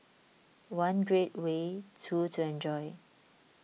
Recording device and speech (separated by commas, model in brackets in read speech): mobile phone (iPhone 6), read sentence